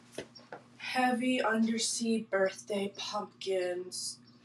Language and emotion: English, sad